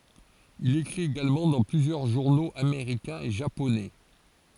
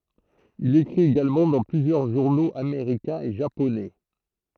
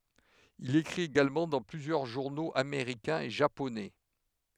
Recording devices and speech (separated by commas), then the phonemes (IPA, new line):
forehead accelerometer, throat microphone, headset microphone, read sentence
il ekʁit eɡalmɑ̃ dɑ̃ plyzjœʁ ʒuʁnoz ameʁikɛ̃z e ʒaponɛ